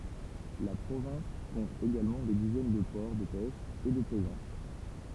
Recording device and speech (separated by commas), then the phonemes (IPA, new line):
temple vibration pickup, read sentence
la pʁovɛ̃s kɔ̃t eɡalmɑ̃ de dizɛn də pɔʁ də pɛʃ e də plɛzɑ̃s